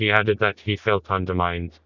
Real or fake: fake